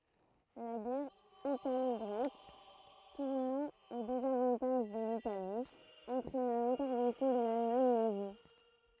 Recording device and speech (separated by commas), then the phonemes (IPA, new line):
throat microphone, read sentence
la ɡɛʁ italɔɡʁɛk tuʁnɑ̃ o dezavɑ̃taʒ də litali ɑ̃tʁɛna lɛ̃tɛʁvɑ̃sjɔ̃ də lalmaɲ nazi